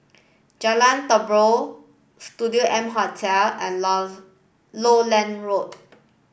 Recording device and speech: boundary microphone (BM630), read sentence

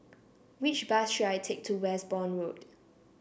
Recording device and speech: boundary microphone (BM630), read sentence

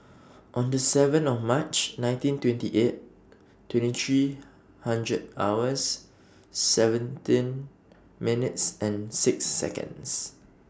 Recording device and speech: standing microphone (AKG C214), read sentence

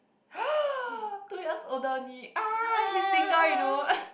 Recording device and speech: boundary microphone, conversation in the same room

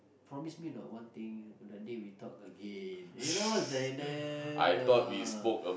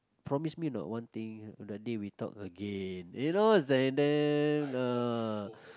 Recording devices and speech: boundary microphone, close-talking microphone, conversation in the same room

